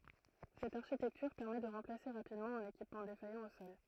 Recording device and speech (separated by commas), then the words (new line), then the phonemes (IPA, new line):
throat microphone, read sentence
Cette architecture permet de remplacer rapidement un équipement défaillant au sol.
sɛt aʁʃitɛktyʁ pɛʁmɛ də ʁɑ̃plase ʁapidmɑ̃ œ̃n ekipmɑ̃ defajɑ̃ o sɔl